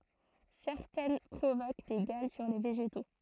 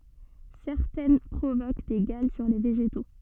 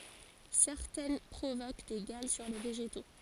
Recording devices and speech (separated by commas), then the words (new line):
throat microphone, soft in-ear microphone, forehead accelerometer, read sentence
Certaines provoquent des galles sur les végétaux.